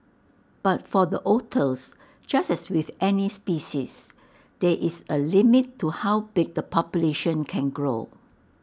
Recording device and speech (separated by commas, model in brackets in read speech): standing microphone (AKG C214), read sentence